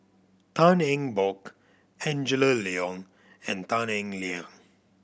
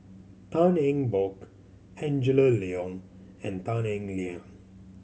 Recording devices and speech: boundary microphone (BM630), mobile phone (Samsung C7100), read sentence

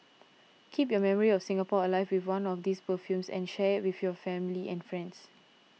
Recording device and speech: mobile phone (iPhone 6), read sentence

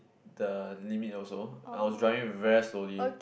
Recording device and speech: boundary microphone, conversation in the same room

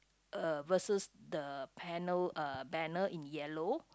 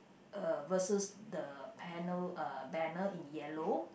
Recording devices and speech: close-talking microphone, boundary microphone, conversation in the same room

